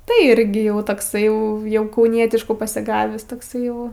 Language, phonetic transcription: Lithuanian, tai ˈirgi ˈjau tokˈsai ˈjau jau kauˈnietiškų pasiˈgavįs tokˈsai jau

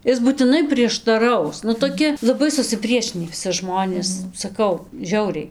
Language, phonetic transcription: Lithuanian, ˈis būtiˈnai prieštaˈraus nu toˈki laˈbai susiˈpriešinį viˈsi ˈžmonės saˈkau ˈžiauriai

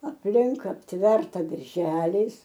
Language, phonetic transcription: Lithuanian, apˈlink apˈtverta berˈželiais

